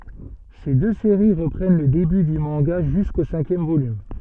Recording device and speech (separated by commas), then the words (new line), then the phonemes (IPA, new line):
soft in-ear microphone, read sentence
Ces deux séries reprennent le début du manga jusqu'au cinquième volume.
se dø seʁi ʁəpʁɛn lə deby dy mɑ̃ɡa ʒysko sɛ̃kjɛm volym